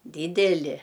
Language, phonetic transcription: Lithuanian, ˈdydeli

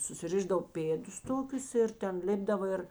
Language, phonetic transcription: Lithuanian, susiˈrišdav ˈpėdus ˈtokius ˈir ten ˈlipdavo ˈir

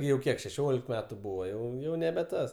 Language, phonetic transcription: Lithuanian, jau ˈkiek šeˈšiolik ˈmetu ˈbūva ˈjau ˈjau nebe ˈtas

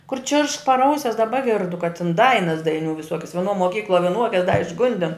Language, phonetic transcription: Lithuanian, kur čiršk par ˈausias daˈba ˈgirdu ka tin ˈdainas daiˈniū viˈsuokias vieˈnuo moˈkykluo viˈnuokias da išˈgundin

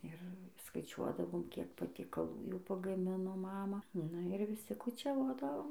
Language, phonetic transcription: Lithuanian, ir skaiˈčiuodavom kiek patiekaˈlų jau pagaˈmino ˈmama nu ir viˈsi kučiaˈvodavom

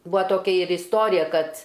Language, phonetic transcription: Lithuanian, ˈbua toˈkia ir isˈtorija ˈkad

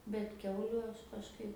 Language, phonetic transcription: Lithuanian, bet ˈkiauliu ˈaš kažˈkaip

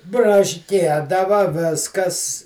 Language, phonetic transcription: Lithuanian, brašˈkiedava ˈviskas

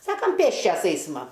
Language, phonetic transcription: Lithuanian, ˈsakam ˈpėsčias ˈeisma

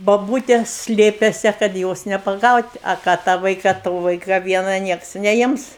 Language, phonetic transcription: Lithuanian, boˈbūte ˈslėpėse kad ˈjos nepaˈgaut' a ˈką tą ˈvaika ˈto ˈvaika ˈviena ˈnieks neˈims

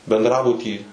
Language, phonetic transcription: Lithuanian, bendˈrabutį

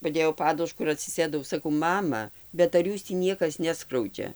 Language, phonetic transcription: Lithuanian, paˈdėjau ˈpadušku ir atsiˈsėdau saˈkau ˈmama bet ar ˈjūs tį ˈniekas neˈskraudžia

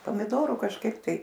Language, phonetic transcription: Lithuanian, pomiˈdoru kažˈkaip tai

